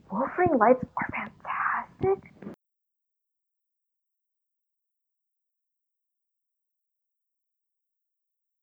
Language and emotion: English, disgusted